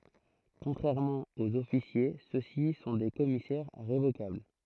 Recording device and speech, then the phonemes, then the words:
throat microphone, read sentence
kɔ̃tʁɛʁmɑ̃ oz ɔfisje sø si sɔ̃ de kɔmisɛʁ ʁevokabl
Contrairement aux officiers ceux-ci sont des commissaires révocables.

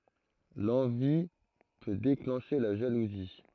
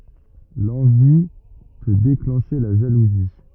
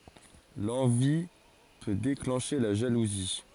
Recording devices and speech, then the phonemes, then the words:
throat microphone, rigid in-ear microphone, forehead accelerometer, read sentence
lɑ̃vi pø deklɑ̃ʃe la ʒaluzi
L'envie peut déclencher la jalousie.

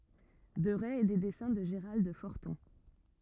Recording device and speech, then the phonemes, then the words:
rigid in-ear microphone, read sentence
dəʁɛ e de dɛsɛ̃ də ʒəʁald fɔʁtɔ̃
Deret et des dessins de Gerald Forton.

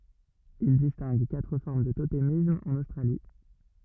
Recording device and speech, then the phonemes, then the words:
rigid in-ear microphone, read sentence
il distɛ̃ɡ katʁ fɔʁm dy totemism ɑ̃n ostʁali
Il distingue quatre formes du totémisme en Australie.

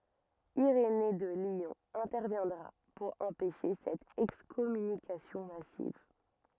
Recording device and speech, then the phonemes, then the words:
rigid in-ear microphone, read sentence
iʁene də ljɔ̃ ɛ̃tɛʁvjɛ̃dʁa puʁ ɑ̃pɛʃe sɛt ɛkskɔmynikasjɔ̃ masiv
Irénée de Lyon interviendra pour empêcher cette excommunication massive.

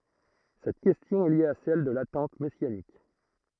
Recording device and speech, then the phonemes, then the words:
throat microphone, read sentence
sɛt kɛstjɔ̃ ɛ lje a sɛl də latɑ̃t mɛsjanik
Cette question est liée à celle de l'attente messianique.

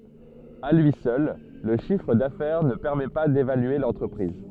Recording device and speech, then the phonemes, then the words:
soft in-ear microphone, read sentence
a lyi sœl lə ʃifʁ dafɛʁ nə pɛʁmɛ pa devalye lɑ̃tʁəpʁiz
À lui seul, le chiffre d'affaires ne permet pas d'évaluer l'entreprise.

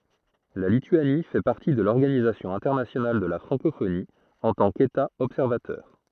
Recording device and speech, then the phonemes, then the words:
throat microphone, read sentence
la lityani fɛ paʁti də lɔʁɡanizasjɔ̃ ɛ̃tɛʁnasjonal də la fʁɑ̃kofoni ɑ̃ tɑ̃ keta ɔbsɛʁvatœʁ
La Lituanie fait partie de l'Organisation internationale de la francophonie en tant qu'État observateur.

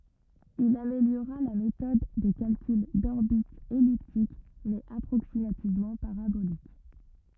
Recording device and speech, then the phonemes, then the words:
rigid in-ear microphone, read sentence
il ameljoʁa la metɔd də kalkyl dɔʁbitz ɛliptik mɛz apʁoksimativmɑ̃ paʁabolik
Il améliora la méthode de calcul d’orbites elliptiques mais approximativement paraboliques.

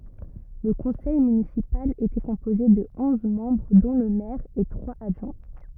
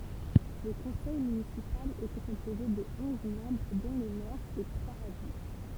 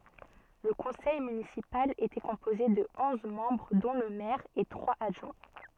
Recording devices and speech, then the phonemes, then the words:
rigid in-ear microphone, temple vibration pickup, soft in-ear microphone, read sentence
lə kɔ̃sɛj mynisipal etɛ kɔ̃poze də ɔ̃z mɑ̃bʁ dɔ̃ lə mɛʁ e tʁwaz adʒwɛ̃
Le conseil municipal était composé de onze membres dont le maire et trois adjoints.

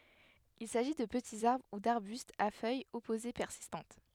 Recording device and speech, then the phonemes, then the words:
headset microphone, read sentence
il saʒi də pətiz aʁbʁ u daʁbystz a fœjz ɔpoze pɛʁsistɑ̃t
Il s'agit de petits arbres ou d'arbustes à feuilles opposées persistantes.

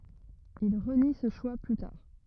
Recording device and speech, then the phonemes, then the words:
rigid in-ear microphone, read sentence
il ʁəni sə ʃwa ply taʁ
Il renie ce choix plus tard.

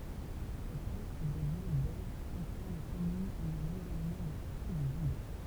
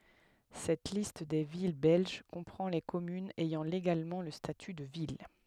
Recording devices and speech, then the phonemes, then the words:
temple vibration pickup, headset microphone, read sentence
sɛt list de vil bɛlʒ kɔ̃pʁɑ̃ le kɔmynz ɛjɑ̃ leɡalmɑ̃ lə staty də vil
Cette liste des villes belges comprend les communes ayant légalement le statut de ville.

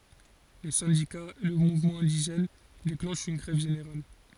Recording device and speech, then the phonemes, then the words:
forehead accelerometer, read sentence
le sɛ̃dikaz e lə muvmɑ̃ ɛ̃diʒɛn deklɑ̃ʃt yn ɡʁɛv ʒeneʁal
Les syndicats et le mouvement indigène déclenchent une grève générale.

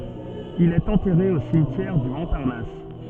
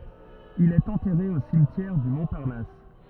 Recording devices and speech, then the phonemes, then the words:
soft in-ear microphone, rigid in-ear microphone, read sentence
il ɛt ɑ̃tɛʁe o simtjɛʁ dy mɔ̃paʁnas
Il est enterré au cimetière du Montparnasse.

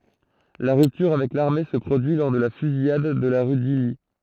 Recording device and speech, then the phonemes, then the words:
throat microphone, read sentence
la ʁyptyʁ avɛk laʁme sə pʁodyi lɔʁ də la fyzijad də la ʁy disli
La rupture avec l'armée se produit lors de la Fusillade de la rue d'Isly.

